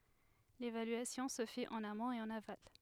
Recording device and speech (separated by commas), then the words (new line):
headset microphone, read sentence
L'évaluation se fait en amont et en aval.